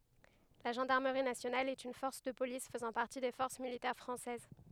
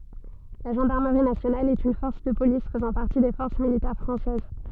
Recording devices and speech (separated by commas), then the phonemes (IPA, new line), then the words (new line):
headset microphone, soft in-ear microphone, read sentence
la ʒɑ̃daʁməʁi nasjonal ɛt yn fɔʁs də polis fəzɑ̃ paʁti de fɔʁs militɛʁ fʁɑ̃sɛz
La Gendarmerie nationale est une force de police faisant partie des forces militaires française.